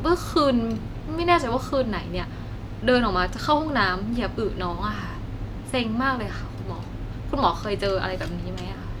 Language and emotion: Thai, frustrated